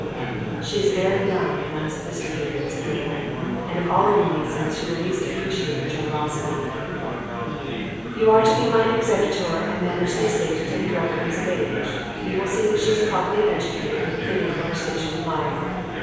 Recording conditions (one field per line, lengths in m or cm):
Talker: one person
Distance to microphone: 7.1 m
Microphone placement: far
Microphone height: 1.7 m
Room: very reverberant, large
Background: babble